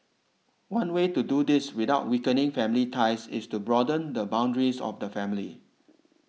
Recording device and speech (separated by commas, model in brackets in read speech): mobile phone (iPhone 6), read sentence